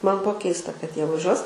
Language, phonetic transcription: Lithuanian, ˈman ˈbuo ˈkeista kad ˈjie vaˈžiuos

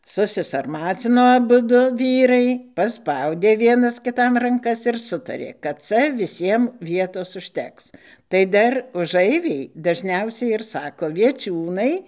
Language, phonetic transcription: Lithuanian, susisarˈmacino aˈbudu ˈvyrai paˈspaudė ˈvienas kiˈtam ranˈkas ir ˈsutarė kad ˈca viˈsiem ˈvietos užˈteks tai ˈdar uˈžaivei dažˈniausiai ir ˈsako vieˈčiūnai

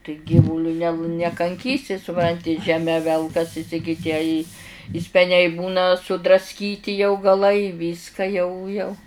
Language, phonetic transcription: Lithuanian, tai ˈgyvuliu ne nekanˈkysi suˈpranti žeˈme ˈvelkasis i gi ˈtie i i speˈniai ˈbūna sudrasˈkyti jau gaˈlai ˈvyska jau jau

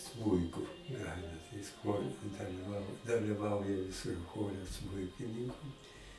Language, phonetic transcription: Lithuanian, ˈsmuiku ˈgrajina tai jis ˈchore daliˈvau daliˈvauja jis ir ˈchore ˈsmuikininku

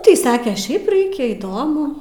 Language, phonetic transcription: Lithuanian, ˈtai ˈsake ˈšiaip ˈraikia įˈdomu

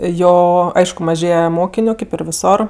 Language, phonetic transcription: Lithuanian, ˈjo ˈaišku maˈžėje ˈmokiniu kėp ir viˈsor

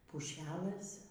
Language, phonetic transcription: Lithuanian, puˈšelɘs

